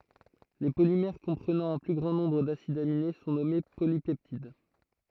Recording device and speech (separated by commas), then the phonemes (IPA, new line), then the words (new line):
throat microphone, read sentence
le polimɛʁ kɔ̃pʁənɑ̃ œ̃ ply ɡʁɑ̃ nɔ̃bʁ dasidz amine sɔ̃ nɔme polipɛptid
Les polymères comprenant un plus grand nombre d’acides aminés sont nommés polypeptides.